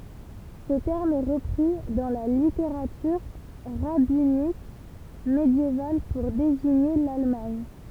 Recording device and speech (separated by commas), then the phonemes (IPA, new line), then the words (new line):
temple vibration pickup, read sentence
sə tɛʁm ɛ ʁəpʁi dɑ̃ la liteʁatyʁ ʁabinik medjeval puʁ deziɲe lalmaɲ
Ce terme est repris dans la littérature rabbinique médiévale pour désigner l'Allemagne.